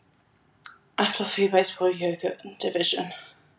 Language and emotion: English, fearful